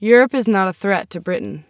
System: none